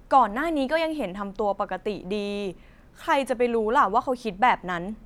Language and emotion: Thai, neutral